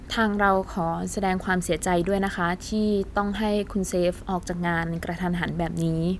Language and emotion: Thai, neutral